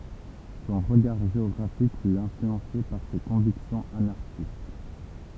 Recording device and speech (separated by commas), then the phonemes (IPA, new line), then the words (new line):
temple vibration pickup, read sentence
sɔ̃ ʁəɡaʁ ʒeɔɡʁafik fy ɛ̃flyɑ̃se paʁ se kɔ̃viksjɔ̃z anaʁʃist
Son regard géographique fut influencé par ses convictions anarchistes.